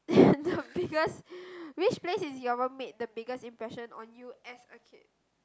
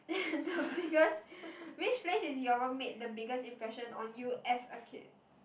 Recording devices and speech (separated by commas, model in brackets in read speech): close-talking microphone, boundary microphone, conversation in the same room